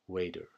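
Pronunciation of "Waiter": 'Waiter' is said with an American pronunciation, with a softer T sound.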